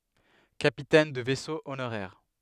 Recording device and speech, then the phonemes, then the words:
headset microphone, read sentence
kapitɛn də vɛso onoʁɛʁ
Capitaine de vaisseau honoraire.

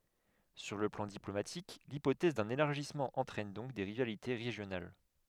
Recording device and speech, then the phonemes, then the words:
headset microphone, read sentence
syʁ lə plɑ̃ diplomatik lipotɛz dœ̃n elaʁʒismɑ̃ ɑ̃tʁɛn dɔ̃k de ʁivalite ʁeʒjonal
Sur le plan diplomatique, l'hypothèse d'un élargissement entraîne donc des rivalités régionales.

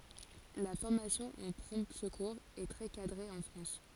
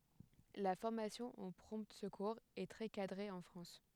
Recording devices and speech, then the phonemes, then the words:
forehead accelerometer, headset microphone, read sentence
la fɔʁmasjɔ̃ o pʁɔ̃ səkuʁz ɛ tʁɛ kadʁe ɑ̃ fʁɑ̃s
La formation aux prompt secours est très cadrée en France.

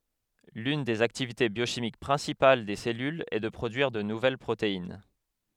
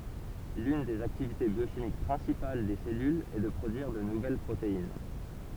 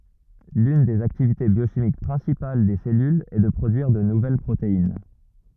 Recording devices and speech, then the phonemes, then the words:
headset microphone, temple vibration pickup, rigid in-ear microphone, read sentence
lyn dez aktivite bjoʃimik pʁɛ̃sipal de sɛlylz ɛ də pʁodyiʁ də nuvɛl pʁotein
L'une des activités biochimiques principales des cellules est de produire de nouvelles protéines.

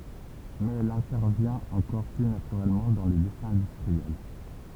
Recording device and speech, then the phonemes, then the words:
temple vibration pickup, read sentence
mɛz ɛl ɛ̃tɛʁvjɛ̃t ɑ̃kɔʁ ply natyʁɛlmɑ̃ dɑ̃ lə dɛsɛ̃ ɛ̃dystʁiɛl
Mais elle intervient encore plus naturellement dans le dessin industriel.

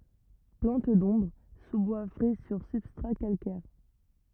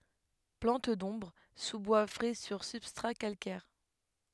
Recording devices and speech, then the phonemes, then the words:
rigid in-ear microphone, headset microphone, read sentence
plɑ̃t dɔ̃bʁ suzbwa fʁɛ syʁ sybstʁa kalkɛʁ
Plante d'ombre, sous-bois frais sur substrats calcaires.

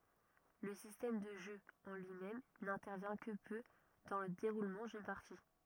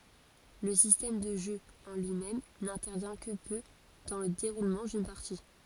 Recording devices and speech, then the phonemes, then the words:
rigid in-ear microphone, forehead accelerometer, read sentence
lə sistɛm də ʒø ɑ̃ lyimɛm nɛ̃tɛʁvjɛ̃ kə pø dɑ̃ lə deʁulmɑ̃ dyn paʁti
Le système de jeu en lui-même n'intervient que peu dans le déroulement d'une partie.

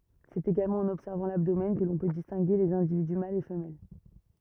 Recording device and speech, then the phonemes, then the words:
rigid in-ear microphone, read sentence
sɛt eɡalmɑ̃ ɑ̃n ɔbsɛʁvɑ̃ labdomɛn kə lɔ̃ pø distɛ̃ɡe lez ɛ̃dividy malz e fəmɛl
C'est également en observant l'abdomen que l'on peut distinguer les individus mâles et femelles.

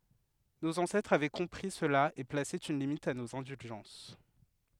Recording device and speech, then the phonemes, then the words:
headset microphone, read sentence
noz ɑ̃sɛtʁz avɛ kɔ̃pʁi səla e plase yn limit a noz ɛ̃dylʒɑ̃s
Nos ancêtres avaient compris cela et placé une limite à nos indulgences.

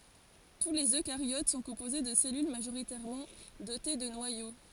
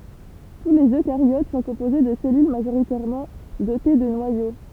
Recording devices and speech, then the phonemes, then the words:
forehead accelerometer, temple vibration pickup, read sentence
tu lez økaʁjot sɔ̃ kɔ̃poze də sɛlyl maʒoʁitɛʁmɑ̃ dote də nwajo
Tous les eucaryotes sont composés de cellules majoritairement dotées de noyaux.

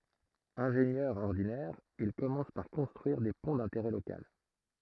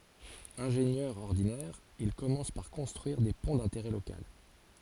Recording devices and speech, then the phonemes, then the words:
throat microphone, forehead accelerometer, read sentence
ɛ̃ʒenjœʁ ɔʁdinɛʁ il kɔmɑ̃s paʁ kɔ̃stʁyiʁ de pɔ̃ dɛ̃teʁɛ lokal
Ingénieur ordinaire, il commence par construire des ponts d'intérêt local.

